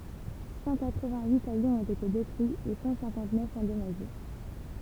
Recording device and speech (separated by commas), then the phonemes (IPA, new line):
temple vibration pickup, read sentence
sɑ̃ katʁ vɛ̃t yit avjɔ̃z ɔ̃t ete detʁyiz e sɑ̃ sɛ̃kɑ̃t nœf ɑ̃dɔmaʒe